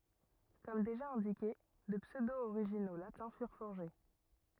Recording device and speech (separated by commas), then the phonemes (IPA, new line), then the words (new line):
rigid in-ear microphone, read sentence
kɔm deʒa ɛ̃dike də psødooʁiʒino latɛ̃ fyʁ fɔʁʒe
Comme déjà indiqué, de pseudo-originaux latins furent forgés.